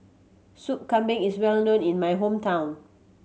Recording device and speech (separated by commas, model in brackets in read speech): mobile phone (Samsung C7100), read sentence